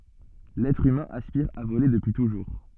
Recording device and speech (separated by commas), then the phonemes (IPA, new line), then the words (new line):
soft in-ear microphone, read sentence
lɛtʁ ymɛ̃ aspiʁ a vole dəpyi tuʒuʁ
L'être humain aspire à voler depuis toujours.